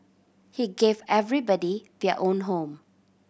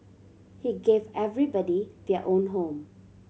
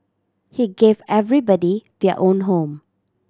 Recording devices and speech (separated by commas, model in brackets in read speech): boundary microphone (BM630), mobile phone (Samsung C7100), standing microphone (AKG C214), read sentence